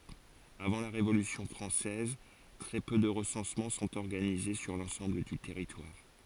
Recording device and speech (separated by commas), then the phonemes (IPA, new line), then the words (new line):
forehead accelerometer, read sentence
avɑ̃ la ʁevolysjɔ̃ fʁɑ̃sɛz tʁɛ pø də ʁəsɑ̃smɑ̃ sɔ̃t ɔʁɡanize syʁ lɑ̃sɑ̃bl dy tɛʁitwaʁ
Avant la Révolution française, très peu de recensements sont organisés sur l’ensemble du territoire.